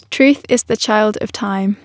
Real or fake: real